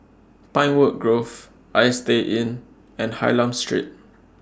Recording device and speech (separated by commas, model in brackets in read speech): standing microphone (AKG C214), read sentence